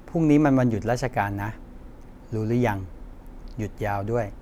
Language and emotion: Thai, neutral